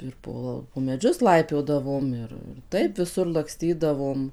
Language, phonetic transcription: Lithuanian, ir ˈpo po meˈdžius ˈlaipiodavom ˈir ir ˈtaip viˈsur lakˈstydavom

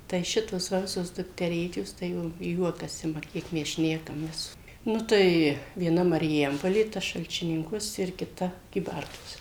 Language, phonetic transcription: Lithuanian, tai ˈšitos ˈva ˈvisos dukteˈrėčios tai jau ˈjuokas ˈima ˈkiek mes ˈšnekamės ˈnu tai vieˈna mariˈjampolė ˈta šalčiˈninkuos ir kiˈta kyˈbartuos

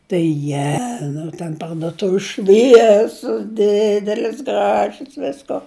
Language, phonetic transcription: Lithuanian, tai iˈjenu ten parduˈtuvis ˈšviesius ˈdidelis ˈgražius ˈvisko

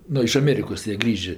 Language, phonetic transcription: Lithuanian, ˈnu iš aˈmėrikos jie ˈgrįžė

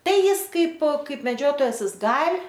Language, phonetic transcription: Lithuanian, ˈtai ˈjis ˈkaip ˈkaip meˈdžiotojas ˈjis ˈgal'

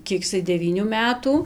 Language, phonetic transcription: Lithuanian, ˈkiek iˈsai deˈvynių ˈmetų

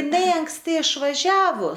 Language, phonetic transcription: Lithuanian, iˈnai anksˈti išvaˈžiavo

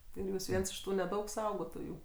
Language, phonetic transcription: Lithuanian, ir ˈjūs ˈviens iš ˈtų neˈdaug ˈsaugotojų

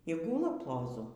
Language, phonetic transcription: Lithuanian, y ˈgūla ploˈzu

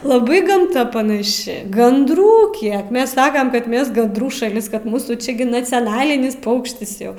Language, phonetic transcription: Lithuanian, laˈbai gamˈta panaˈši gandˈrų ˈkiek ˈmes ˈsakam ˈkad ˈmes gandˈrų šaˈlis ˈkad ˈmūsų ˈči gi naciaˈnalinis ˈpaukštis ˈjau

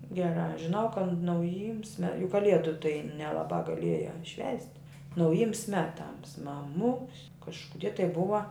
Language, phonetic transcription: Lithuanian, geˈrā žiˈnau kad nauˈjyms me juk kaˈliedu tai nelaˈbā gaˈliejā švęst' nauˈjyms ˈmeˌtams maˈmuks kažkuˈdie tai ˈbuva

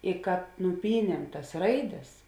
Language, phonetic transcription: Lithuanian, i kad nuˈpyniem tas ˈraiˌdes

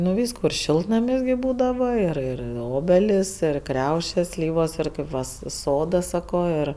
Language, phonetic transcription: Lithuanian, nu ˈvyskų ir ˈšiltnamis gi ˈbūdava ir ˈir ˈobelis ir ˈkriaušės ˈslyvos ir ˈkaip va s ˈsoduos ˈsako ir

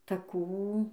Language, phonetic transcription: Lithuanian, taˈkų

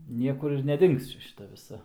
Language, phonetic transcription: Lithuanian, ˈniekur ir neˈdings ˈčia šiˈta viˈsa

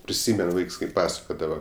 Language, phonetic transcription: Lithuanian, priˈsymen ˈvaiks kai ˈpasakodava

